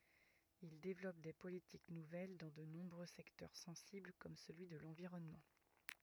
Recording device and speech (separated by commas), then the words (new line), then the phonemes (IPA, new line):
rigid in-ear microphone, read sentence
Il développe des politiques nouvelles dans de nombreux secteurs sensibles comme celui de l'environnement.
il devlɔp de politik nuvɛl dɑ̃ də nɔ̃bʁø sɛktœʁ sɑ̃sibl kɔm səlyi də lɑ̃viʁɔnmɑ̃